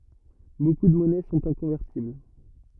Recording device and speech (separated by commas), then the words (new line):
rigid in-ear microphone, read sentence
Beaucoup de monnaies sont inconvertibles.